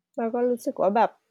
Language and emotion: Thai, sad